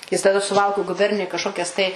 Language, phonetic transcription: Lithuanian, ˈjis taˈda suˈvalku guˈbernijuj kažˈkokias tai

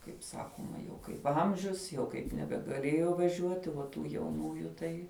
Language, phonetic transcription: Lithuanian, kaip ˈsakoma jau kaip ˈamžius jau kaip nebegaˈlėjo vaˈžiuoti va ˈtų jauˈnųju ˈtai

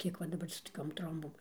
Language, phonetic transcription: Lithuanian, ˈkiek va daˈbar su toˈkiom ˈtrombom

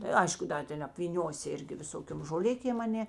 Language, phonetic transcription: Lithuanian, ta ˈaišku ˈda ˌten apvyˈniosi ˈirgi viˈsokiom žoˈlikėm aˈnė

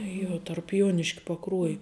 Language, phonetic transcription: Lithuanian, ˈjuo tarp ˈjuoniškia paˈkruoji

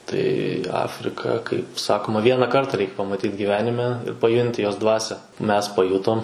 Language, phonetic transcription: Lithuanian, tai ˈafrika kaip ˈsakoma ˈviena ˈkarta ˈreik pamaˈtyt giˈvenime paˈjunti ˈjos ˈdvasią mes paˈjutom

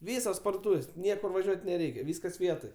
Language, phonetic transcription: Lithuanian, ˈvysos pardoˈtūvės' ˈniekur vaˈžiuot' neˈreikia ˈvyskas ˈvietoj

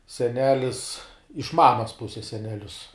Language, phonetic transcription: Lithuanian, seˈnelis iš ˈmamas ˈpuses seneˈlius

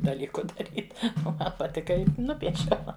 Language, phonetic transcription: Lithuanian, daˈlyku daˈryt o ˈman paˈtika ˈi ˈnupiešiau

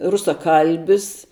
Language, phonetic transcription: Lithuanian, rusaˈkalbis

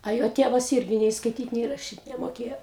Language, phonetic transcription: Lithuanian, a ˈjo ˈtėvas ˈirgi nei skaiˈtyt nei raˈšyt nemoˈkėjo

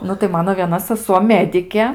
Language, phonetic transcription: Lithuanian, ˈnu tai ˈmano vieˈna saˈsuo ˈmedikė

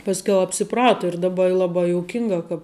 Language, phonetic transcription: Lithuanian, pasˈkiau apsiˈprato ir daˈba i laˈbai jouˈkinga kap

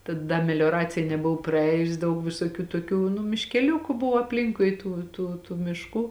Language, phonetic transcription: Lithuanian, ta ˈda melioˈracija neˈbuvo praˈējus ˈdaug visoˈkių toˈkių nu miškeˈliuku ˈbuvo apˈlinkui ˈtų tų tų mišˈkų

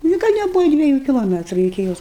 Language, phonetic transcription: Lithuanian, ni ˈgal' neˈbuva dvieˈjų kiloˈmetru iki ˈjos

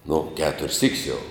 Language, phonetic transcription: Lithuanian, nu ˈketur's' syk's' jau

